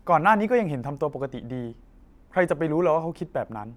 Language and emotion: Thai, neutral